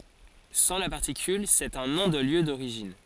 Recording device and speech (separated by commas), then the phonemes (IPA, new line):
forehead accelerometer, read sentence
sɑ̃ la paʁtikyl sɛt œ̃ nɔ̃ də ljø doʁiʒin